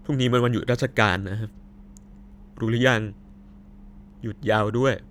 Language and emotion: Thai, sad